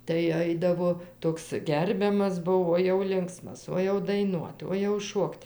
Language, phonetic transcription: Lithuanian, tai ˈaidavo ˈtoks ˈgerbiamas ˈbuvo o jau ˈlinksmas o jau daiˈnuot o jau ˈšuokt

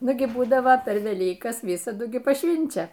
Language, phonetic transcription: Lithuanian, ˈnugi ˈbūdavo per veˈlykas ˈvisadu ˈgi paˈšvinčia

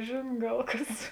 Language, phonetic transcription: Lithuanian, ˈžėn ˈgal ˈkas

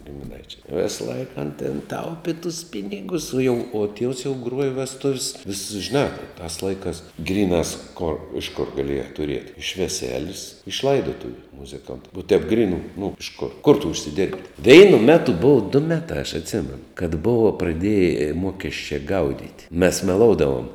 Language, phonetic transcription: Lithuanian, gimiˈnaičiais ˈvisˌlaik an tėn ˈtaupi tus ˈpinigus o jau o tievs jau ˈgruoja vesˈtuv's' vis žiˈnā tās ˈlaiˌkās ˈgryˌnās kor iš kur gaˈlieja tuˈriet' iš veˈselis iš ˈlaidotuviu muziˈkont o tēp ˈgrynu nu iš kur kur tu užsiˈdėrbi ˈveinu ˈmetu ˈbuva du ˈmetra aš atˈsėmenu kad ˈbova praˈdėje ˈmokesčia ˈgaudit' mes meˈloudavom

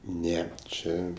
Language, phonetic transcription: Lithuanian, ˈneˈčė

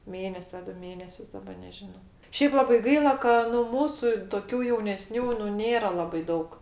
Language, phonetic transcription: Lithuanian, ˈmėnesi a ˈdu ˈmėnesius daˈba nežiˈno ˈšeip ˈlabai ˈgaila ka nu ˈmūsu toˈkių jauneˈsnių nu ˈnėra ˈlabai ˈdaug

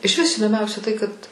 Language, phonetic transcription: Lithuanian, išˈvis įdoˈmiausia tai kad

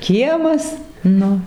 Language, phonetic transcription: Lithuanian, ˈkiemas ˈnu

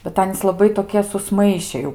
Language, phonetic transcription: Lithuanian, bet ˈanys laˈbai toˈkie susˈmaiše jau

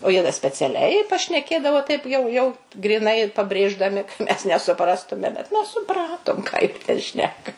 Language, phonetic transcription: Lithuanian, o ˈjie da speciaˈliai pašneˈkėdavo taip jau ˈjau gryˈnai pabrėždaˈmi ka ˈmes nesuˈprastume bet ˈmes suˈpratom ką ˈjie ˈten ˈšneka

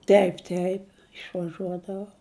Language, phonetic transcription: Lithuanian, ˈteip ˈteip išvaˈžuodavau

